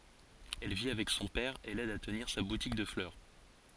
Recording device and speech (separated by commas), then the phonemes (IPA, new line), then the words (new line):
forehead accelerometer, read sentence
ɛl vi avɛk sɔ̃ pɛʁ e lɛd a təniʁ sa butik də flœʁ
Elle vit avec son père et l'aide à tenir sa boutique de fleurs.